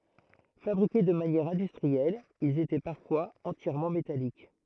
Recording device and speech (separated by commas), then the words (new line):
throat microphone, read sentence
Fabriqués de manière industrielle, ils étaient parfois entièrement métalliques.